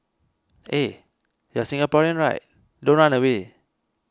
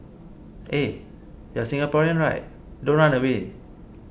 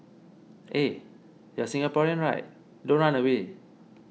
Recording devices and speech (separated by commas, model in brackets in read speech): close-talking microphone (WH20), boundary microphone (BM630), mobile phone (iPhone 6), read sentence